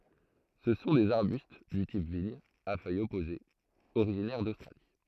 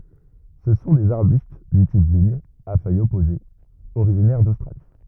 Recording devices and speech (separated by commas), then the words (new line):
throat microphone, rigid in-ear microphone, read sentence
Ce sont des arbustes du type vigne, à feuilles opposées, originaires d'Australie.